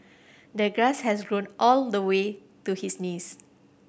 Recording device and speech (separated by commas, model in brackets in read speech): boundary microphone (BM630), read sentence